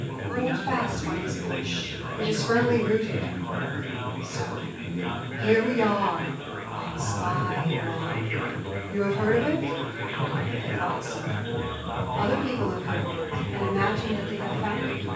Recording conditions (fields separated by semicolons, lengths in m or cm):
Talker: one person; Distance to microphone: 9.8 m; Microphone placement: far; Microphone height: 1.8 m; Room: large; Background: babble